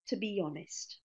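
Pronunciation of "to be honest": In 'to be honest', the words link together, with a y sound produced between 'be' and 'honest'.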